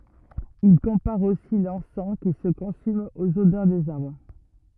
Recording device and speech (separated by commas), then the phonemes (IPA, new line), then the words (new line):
rigid in-ear microphone, read sentence
il kɔ̃paʁ osi lɑ̃sɑ̃ ki sə kɔ̃sym oz odœʁ dez aʁbʁ
Il compare aussi l'encens qui se consume aux odeurs des arbres.